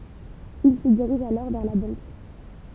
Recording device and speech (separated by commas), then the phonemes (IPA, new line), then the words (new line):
temple vibration pickup, read sentence
il sə diʁiʒ alɔʁ vɛʁ la bɑ̃k
Il se dirige alors vers la banque.